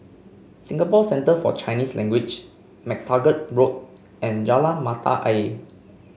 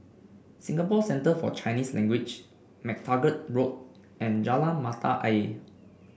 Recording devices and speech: mobile phone (Samsung C5), boundary microphone (BM630), read sentence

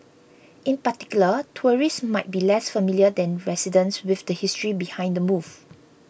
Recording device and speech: boundary microphone (BM630), read sentence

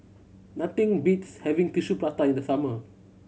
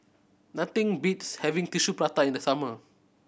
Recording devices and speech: mobile phone (Samsung C7100), boundary microphone (BM630), read sentence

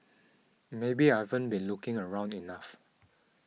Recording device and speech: mobile phone (iPhone 6), read sentence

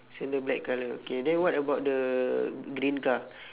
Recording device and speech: telephone, conversation in separate rooms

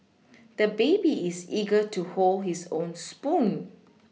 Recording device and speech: mobile phone (iPhone 6), read sentence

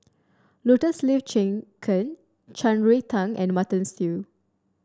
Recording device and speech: standing microphone (AKG C214), read sentence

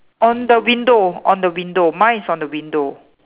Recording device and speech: telephone, conversation in separate rooms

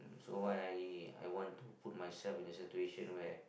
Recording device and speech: boundary microphone, conversation in the same room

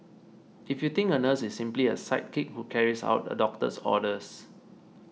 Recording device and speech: mobile phone (iPhone 6), read sentence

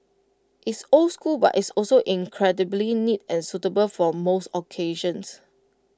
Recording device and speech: close-talking microphone (WH20), read sentence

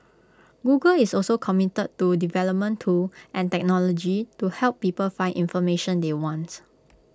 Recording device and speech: close-talking microphone (WH20), read sentence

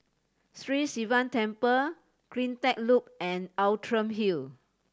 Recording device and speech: standing microphone (AKG C214), read sentence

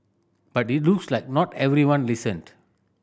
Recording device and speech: boundary microphone (BM630), read sentence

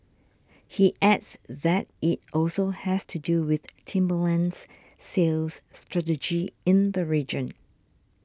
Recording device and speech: standing microphone (AKG C214), read sentence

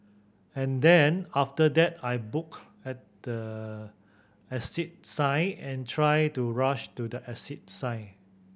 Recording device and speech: boundary microphone (BM630), read sentence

